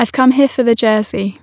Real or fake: real